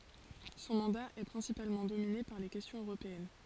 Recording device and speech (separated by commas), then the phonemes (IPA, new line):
forehead accelerometer, read sentence
sɔ̃ mɑ̃da ɛ pʁɛ̃sipalmɑ̃ domine paʁ le kɛstjɔ̃z øʁopeɛn